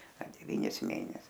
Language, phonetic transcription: Lithuanian, a deˈvynis ˈmėnes

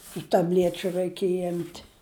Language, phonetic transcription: Lithuanian, tu taˈbliečiu ˈraikiej ˈim't'

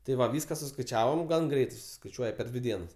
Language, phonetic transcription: Lithuanian, ti ˈva ˈvyska suskaiˈčiavom ˈgan ˈgreitai susiskaiˈčiuoja per ˈdvi ˈdienas

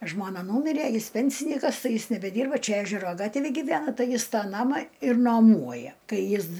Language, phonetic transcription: Lithuanian, ˈžmona ˈnūmirė ˈjis ˈpensinykas ˈtai ˈjis nebeˈdyrba ˈčia ˈežero ˈgatvėj giˈvena ˈtai ˈjis ˈtą ˈnamą ir naˈmuoja ˈkai ˈjis

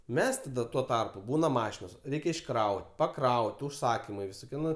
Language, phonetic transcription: Lithuanian, ˈmes taˈda tuo ˈtarpu ˈbūna ˈmašinos ˈreikia išˈkraut' paˈkraut' užˈsakimai visoˈkie ˈnu

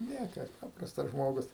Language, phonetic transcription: Lithuanian, ˈniekas ˈpaprastas ˈžmogus

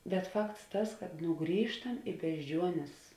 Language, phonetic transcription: Lithuanian, bet ˈfakts ˈtas kad ˈnu ˈgrįžtam i bežˈdžiuonės

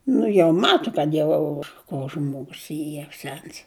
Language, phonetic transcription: Lithuanian, ˈnu jau ˈmatu kad ˈjau ko ˈžmogus ˈy jau ˈsens

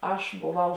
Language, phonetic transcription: Lithuanian, ˈaš boˈvau

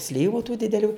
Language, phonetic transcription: Lithuanian, ˈslyvu tų dideˈlių

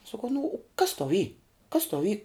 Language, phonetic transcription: Lithuanian, saˈkau nu u kas tau y kas tau y

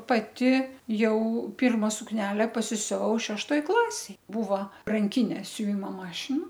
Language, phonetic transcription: Lithuanian, paˈti ˈjau ˈpirma sukˈnele pasisiuˈvau šešˈtoj ˈklasėj ˈbūvo ranˈkinė siuˈvimo ˈmašina

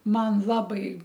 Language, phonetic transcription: Lithuanian, ˈman ˈlabai

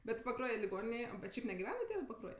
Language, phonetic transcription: Lithuanian, bet paˈkruoja liˈgoninėj o bet ˈšiaip negiˈvena ˈtėvɜ paˈkruoj

